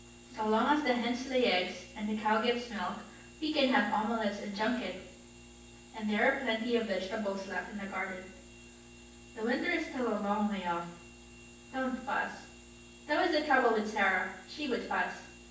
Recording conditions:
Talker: one person; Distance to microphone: 9.8 m; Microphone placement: far; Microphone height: 1.8 m; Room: large; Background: none

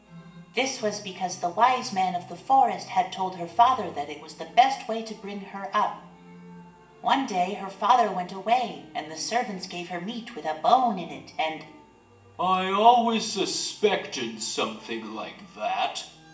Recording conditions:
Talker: one person; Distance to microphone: 1.8 m; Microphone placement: close; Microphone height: 1.0 m; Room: large; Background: music

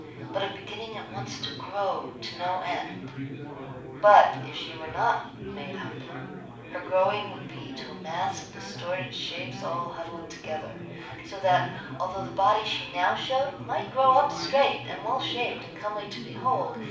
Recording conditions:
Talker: one person; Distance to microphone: 5.8 m; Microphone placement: far; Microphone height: 1.8 m; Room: medium-sized (5.7 m by 4.0 m); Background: babble

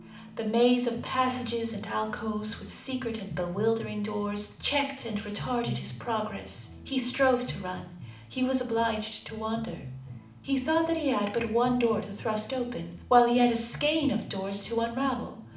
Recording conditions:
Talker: one person; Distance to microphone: 2.0 m; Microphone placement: close; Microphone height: 99 cm; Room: medium-sized (5.7 m by 4.0 m); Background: music

